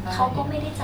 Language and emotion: Thai, frustrated